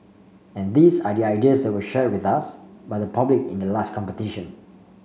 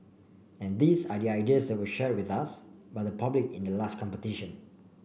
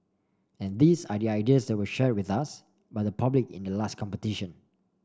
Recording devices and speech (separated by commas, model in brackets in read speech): mobile phone (Samsung C5), boundary microphone (BM630), standing microphone (AKG C214), read sentence